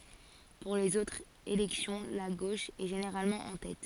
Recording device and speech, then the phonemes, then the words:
forehead accelerometer, read sentence
puʁ lez otʁz elɛksjɔ̃ la ɡoʃ ɛ ʒeneʁalmɑ̃ ɑ̃ tɛt
Pour les autres élections, la gauche est généralement en tête.

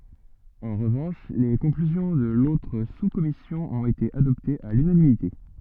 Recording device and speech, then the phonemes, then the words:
soft in-ear microphone, read sentence
ɑ̃ ʁəvɑ̃ʃ le kɔ̃klyzjɔ̃ də lotʁ suskɔmisjɔ̃ ɔ̃t ete adɔptez a lynanimite
En revanche, les conclusions de l'autre sous-commission ont été adoptées à l'unanimité.

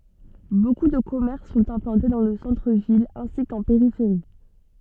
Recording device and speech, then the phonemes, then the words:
soft in-ear microphone, read sentence
boku də kɔmɛʁs sɔ̃t ɛ̃plɑ̃te dɑ̃ lə sɑ̃tʁ vil ɛ̃si kɑ̃ peʁifeʁi
Beaucoup de commerces sont implantés dans le centre ville ainsi qu'en périphérie.

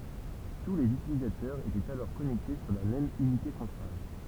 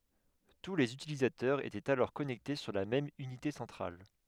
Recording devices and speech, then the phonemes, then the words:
temple vibration pickup, headset microphone, read sentence
tu lez ytilizatœʁz etɛt alɔʁ kɔnɛkte syʁ la mɛm ynite sɑ̃tʁal
Tous les utilisateurs étaient alors connectés sur la même unité centrale.

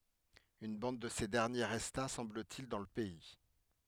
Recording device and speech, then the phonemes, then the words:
headset microphone, read sentence
yn bɑ̃d də se dɛʁnje ʁɛsta sɑ̃blətil dɑ̃ lə pɛi
Une bande de ces derniers resta, semble-t-il, dans le pays.

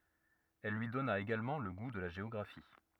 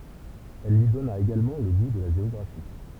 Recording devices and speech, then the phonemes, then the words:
rigid in-ear microphone, temple vibration pickup, read sentence
il lyi dɔna eɡalmɑ̃ lə ɡu də la ʒeɔɡʁafi
Il lui donna également le goût de la géographie.

